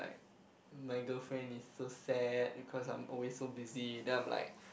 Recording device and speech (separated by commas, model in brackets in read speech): boundary microphone, conversation in the same room